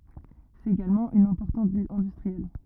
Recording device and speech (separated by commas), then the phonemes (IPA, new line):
rigid in-ear microphone, read sentence
sɛt eɡalmɑ̃ yn ɛ̃pɔʁtɑ̃t vil ɛ̃dystʁiɛl